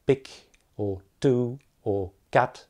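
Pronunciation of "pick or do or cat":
'Pick', 'two' and 'cat' are pronounced incorrectly here. The p, t and k are said without the extra puff of air.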